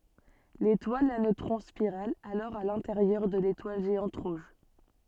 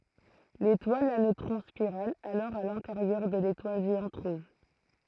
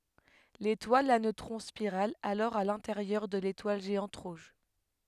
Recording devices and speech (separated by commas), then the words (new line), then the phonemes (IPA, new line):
soft in-ear microphone, throat microphone, headset microphone, read sentence
L'étoile à neutrons spirale alors à l'intérieur de l'étoile géante rouge.
letwal a nøtʁɔ̃ spiʁal alɔʁ a lɛ̃teʁjœʁ də letwal ʒeɑ̃t ʁuʒ